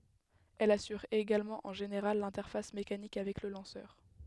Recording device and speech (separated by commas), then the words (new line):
headset microphone, read sentence
Elle assure également en général l'interface mécanique avec le lanceur.